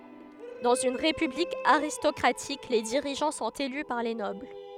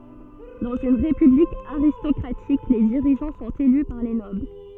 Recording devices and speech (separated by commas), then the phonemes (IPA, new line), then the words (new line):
headset microphone, soft in-ear microphone, read sentence
dɑ̃z yn ʁepyblik aʁistɔkʁatik le diʁiʒɑ̃ sɔ̃t ely paʁ le nɔbl
Dans une république aristocratique, les dirigeants sont élus par les nobles.